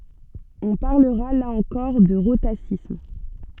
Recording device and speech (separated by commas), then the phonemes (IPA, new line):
soft in-ear microphone, read sentence
ɔ̃ paʁləʁa la ɑ̃kɔʁ də ʁotasism